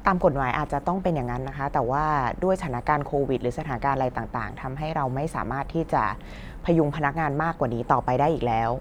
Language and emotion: Thai, neutral